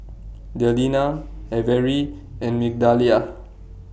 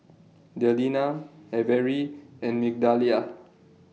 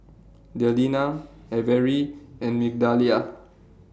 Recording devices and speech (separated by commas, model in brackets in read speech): boundary microphone (BM630), mobile phone (iPhone 6), standing microphone (AKG C214), read sentence